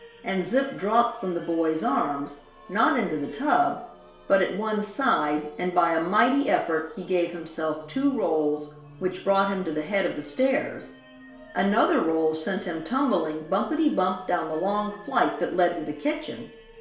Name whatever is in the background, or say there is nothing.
Music.